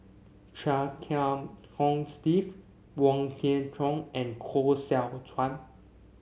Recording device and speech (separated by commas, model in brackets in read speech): mobile phone (Samsung C7), read sentence